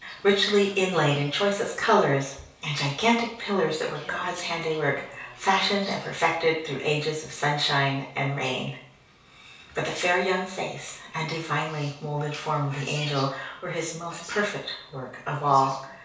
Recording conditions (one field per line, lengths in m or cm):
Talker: one person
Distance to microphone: 3.0 m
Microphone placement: far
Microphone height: 1.8 m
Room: small (3.7 m by 2.7 m)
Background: television